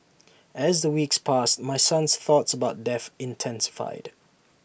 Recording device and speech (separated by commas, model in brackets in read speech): boundary microphone (BM630), read sentence